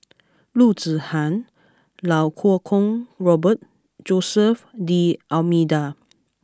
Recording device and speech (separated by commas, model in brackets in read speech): close-talking microphone (WH20), read sentence